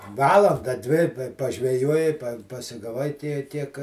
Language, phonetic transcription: Lithuanian, ˈvalanda ˈdvi i pa pažveˈjuoji pasigaˈvai ˈtie ˈtiek

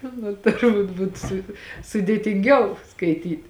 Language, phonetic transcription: Lithuanian, ˈnu turˈbūt ˈbūt su sudėtinˈgiau skaiˈtyt'

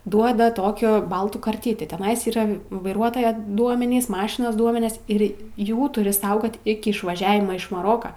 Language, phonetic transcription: Lithuanian, ˈduoda ˈtokio ˈbaltų karˈtitį teˈnais yˈra vaiˈruotoja ˈduomenys ˈmašinos ˈduomenis ˈir ˈjų tuˈri ˈsaugot ˈiki išvaˈžiavima iš maˈroka

